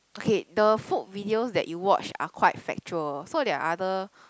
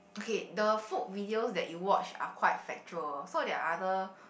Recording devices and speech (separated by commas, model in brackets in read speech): close-talking microphone, boundary microphone, conversation in the same room